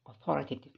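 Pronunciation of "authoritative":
'Authoritative' is said the British way, with the stress on the second syllable.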